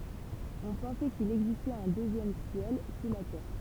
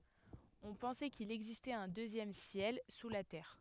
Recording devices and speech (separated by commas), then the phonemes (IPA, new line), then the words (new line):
temple vibration pickup, headset microphone, read sentence
ɔ̃ pɑ̃sɛ kil ɛɡzistɛt œ̃ døzjɛm sjɛl su la tɛʁ
On pensait qu'il existait un deuxième ciel sous la terre.